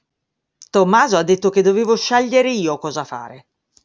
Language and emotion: Italian, angry